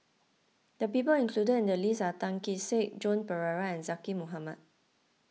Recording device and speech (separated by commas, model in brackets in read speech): mobile phone (iPhone 6), read sentence